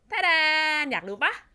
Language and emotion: Thai, happy